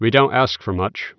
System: none